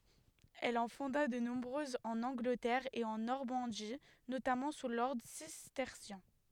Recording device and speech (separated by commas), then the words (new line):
headset microphone, read sentence
Elle en fonda de nombreuses en Angleterre et en Normandie, notamment sous l'ordre cistercien.